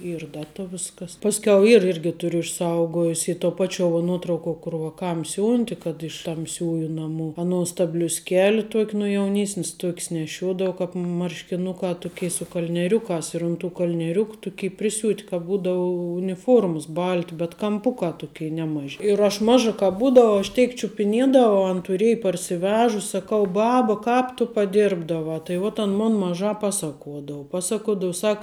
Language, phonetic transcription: Lithuanian, ˈyr ˈdata ˈviskas ˈpaskiau ˈyr ˈirgi ˈturiu išˈsaugojus ˈy to ˈpačio vo ˈnuotrauko kur vaˈkam ˈsiūnti kad iš tamˈsiųju naˈmų aˈnuos ta bliusˈkeli ˈtuok' nu jauˈnysnis ˈtuok's neˈšiuodou ˈkāp marškiˈnukā ˈtuˌkė su kalnieˈriukās ir ˈun ˌtų kalnieˈriuku ˈtuky priˈsiūt' kāp ˈbūdau uniˈfuorməs ˈbalti bet kamˈpukā ˈtukė neˈmaži ir aš ˈmaža ˈkāp ˈbūdavau aš ˈteik čiupiˈniedavau an tuˈriej parsiˈvežus' saˈkau ˈbaba ˈkāp tu paˈdirbdavā tai ˈvot an ˈmon maˈžā ˈpasakuodau ˈpasakuodav ˈsak

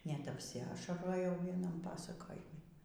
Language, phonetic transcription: Lithuanian, net apsiˈašarojau ˈvienam ˈpasakojimi

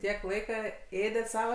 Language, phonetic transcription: Lithuanian, ˈtiek ˈlaika ˈėdet ˈsava

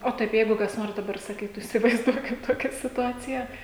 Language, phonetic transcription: Lithuanian, o ˈtaip ˈjeigu kas ˈnors daˈbar saˈkytu isivaizˈduokim ˈtokia situˈacija

